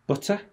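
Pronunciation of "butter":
'butter' is said with a British accent, not the American way, where the t sounds like a short d and the r at the end is heard.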